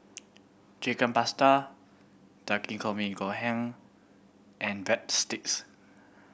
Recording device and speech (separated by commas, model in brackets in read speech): boundary microphone (BM630), read sentence